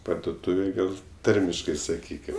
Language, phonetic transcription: Lithuanian, pardoˈtūvėj ˈgal' ˈtarmiškai saˈkykim

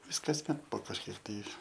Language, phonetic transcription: Lithuanian, ˈvis kasˈmet po kažˈkiek tai

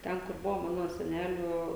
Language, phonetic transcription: Lithuanian, ˈten kur ˈbuvo ˈmano seˈnelių

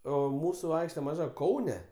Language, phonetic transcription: Lithuanian, ˈo ˈmūsu ˈaikšte maˈža ˈkaune

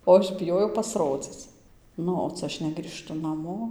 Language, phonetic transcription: Lithuanian, o ˈaš biˈjojau pasˈrodzic ˈnu o ˈcia ˈaš negrįˈžtu naˈmo

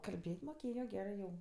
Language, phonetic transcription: Lithuanian, kalˈbėt' moˈkėjo ˈgerɜ jau

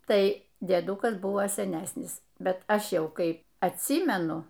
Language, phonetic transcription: Lithuanian, ˈtai dieˈdūkas ˈbuvo seˈnesnis ˈbet ˈaš ˈjau ˈkai atˈsymenu

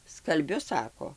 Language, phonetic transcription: Lithuanian, skalˈbiu ˈsako

